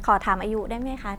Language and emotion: Thai, neutral